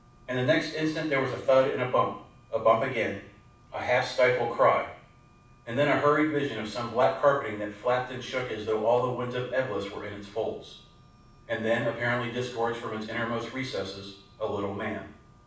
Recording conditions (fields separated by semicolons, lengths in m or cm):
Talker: one person; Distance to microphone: 5.8 m; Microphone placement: far; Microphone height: 1.8 m; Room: medium-sized (5.7 m by 4.0 m); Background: none